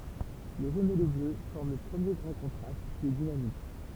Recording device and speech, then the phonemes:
temple vibration pickup, read sentence
lə ʒon e lə blø fɔʁm lə pʁəmje ɡʁɑ̃ kɔ̃tʁast ki ɛ dinamik

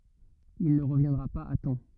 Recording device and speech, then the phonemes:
rigid in-ear microphone, read sentence
il nə ʁəvjɛ̃dʁa paz a tɑ̃

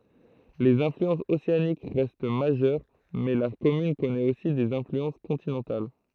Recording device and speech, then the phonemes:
throat microphone, read sentence
lez ɛ̃flyɑ̃sz oseanik ʁɛst maʒœʁ mɛ la kɔmyn kɔnɛt osi dez ɛ̃flyɑ̃s kɔ̃tinɑ̃tal

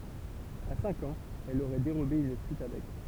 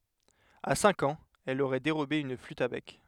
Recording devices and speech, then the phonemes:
temple vibration pickup, headset microphone, read sentence
a sɛ̃k ɑ̃z ɛl oʁɛ deʁobe yn flyt a bɛk

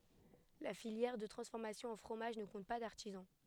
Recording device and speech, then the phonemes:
headset microphone, read sentence
la filjɛʁ də tʁɑ̃sfɔʁmasjɔ̃ ɑ̃ fʁomaʒ nə kɔ̃t pa daʁtizɑ̃

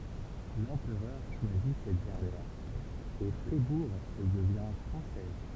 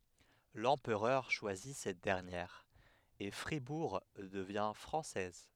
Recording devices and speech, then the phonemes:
temple vibration pickup, headset microphone, read sentence
lɑ̃pʁœʁ ʃwazi sɛt dɛʁnjɛʁ e fʁibuʁ dəvjɛ̃ fʁɑ̃sɛz

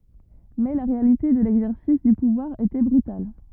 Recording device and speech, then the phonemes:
rigid in-ear microphone, read sentence
mɛ la ʁealite də lɛɡzɛʁsis dy puvwaʁ etɛ bʁytal

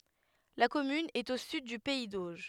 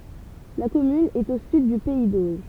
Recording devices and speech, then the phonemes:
headset microphone, temple vibration pickup, read sentence
la kɔmyn ɛt o syd dy pɛi doʒ

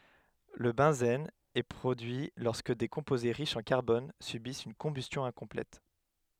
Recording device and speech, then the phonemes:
headset microphone, read sentence
lə bɑ̃zɛn ɛ pʁodyi lɔʁskə de kɔ̃poze ʁiʃz ɑ̃ kaʁbɔn sybist yn kɔ̃bystjɔ̃ ɛ̃kɔ̃plɛt

